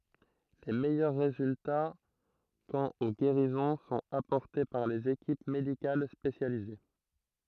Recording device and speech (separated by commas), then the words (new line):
throat microphone, read sentence
Les meilleurs résultats quant aux guérisons sont apportés par les équipes médicales spécialisées.